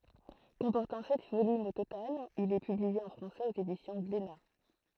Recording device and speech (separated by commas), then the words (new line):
throat microphone, read sentence
Comportant sept volumes au total, il est publié en français aux éditions Glénat.